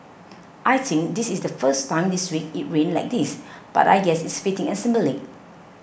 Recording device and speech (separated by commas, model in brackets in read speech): boundary microphone (BM630), read sentence